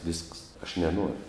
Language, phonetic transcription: Lithuanian, visks aš neˈnoriu

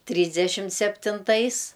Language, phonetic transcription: Lithuanian, ˈtrysdešimt septinˈtais

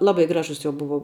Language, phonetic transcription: Lithuanian, ˈlabai ˈgražus jo ˈbuvo

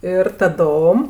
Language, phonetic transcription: Lithuanian, ir taˈdom

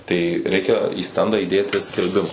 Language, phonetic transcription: Lithuanian, tai ˈreikia į ˈstendą įˈdėti skelˈbima

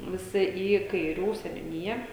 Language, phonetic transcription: Lithuanian, viˈsi į kaiˈrių seniuˈnija

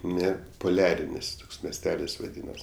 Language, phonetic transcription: Lithuanian, ˈne puˈliarinis ˈtoks mesˈtelis vaˈdynas

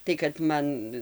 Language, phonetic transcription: Lithuanian, tai kad ˈman

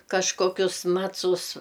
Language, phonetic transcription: Lithuanian, kažkoˈkius ˈmacus

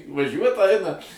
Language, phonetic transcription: Lithuanian, vaˈžiuot ˈaina

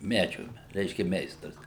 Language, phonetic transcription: Lithuanian, ˈmedžiu ˈreiškia ˈmeistras

